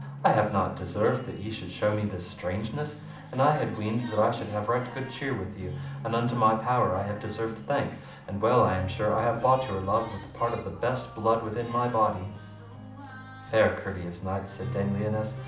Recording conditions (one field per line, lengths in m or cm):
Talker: one person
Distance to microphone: 2.0 m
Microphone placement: close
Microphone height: 99 cm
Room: medium-sized (5.7 m by 4.0 m)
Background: music